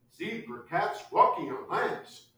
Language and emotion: English, happy